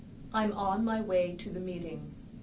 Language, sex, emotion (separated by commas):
English, female, neutral